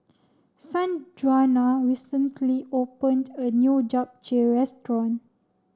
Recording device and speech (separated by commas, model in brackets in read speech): standing microphone (AKG C214), read sentence